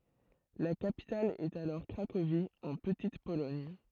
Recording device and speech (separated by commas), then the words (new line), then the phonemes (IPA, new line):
throat microphone, read sentence
La capitale est alors Cracovie, en Petite-Pologne.
la kapital ɛt alɔʁ kʁakovi ɑ̃ pətit polɔɲ